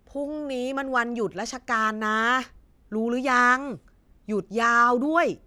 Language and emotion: Thai, frustrated